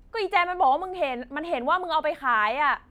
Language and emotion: Thai, angry